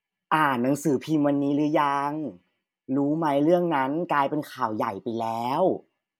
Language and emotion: Thai, neutral